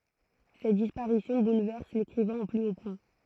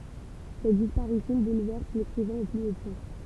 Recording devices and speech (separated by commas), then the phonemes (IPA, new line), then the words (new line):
throat microphone, temple vibration pickup, read sentence
sɛt dispaʁisjɔ̃ bulvɛʁs lekʁivɛ̃ o ply o pwɛ̃
Cette disparition bouleverse l'écrivain au plus haut point.